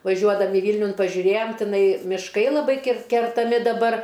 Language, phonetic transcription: Lithuanian, vaˈžiuodami ˈvylniun pažiuˈrėjom tiˈnai miˈškai laˈbai kir kertaˈmi daˈbar

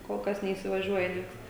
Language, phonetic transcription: Lithuanian, kol ˈkas neįsivaˈžiuoja ˈnieks

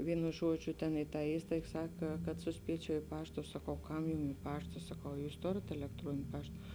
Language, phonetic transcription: Lithuanian, ˈvynu ˈžuodžiu ten i tą ˈįstaig ˈsak kad suˈspiečiau i ˈpašta saˈkau ˈkam jum i ˈpašta saˈkau a ˈjūs ˈtorėt elekˈtruonin' ˈpašt

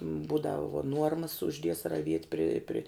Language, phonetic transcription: Lithuanian, ˈbūdav vuo ˈnuormas užˈdies raˈviet' pri pri

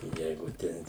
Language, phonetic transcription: Lithuanian, ˈjeigu ˈten

